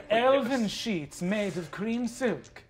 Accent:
in fancy elf accent